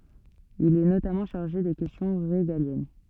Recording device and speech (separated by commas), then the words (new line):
soft in-ear microphone, read sentence
Il est notamment chargé des questions régaliennes.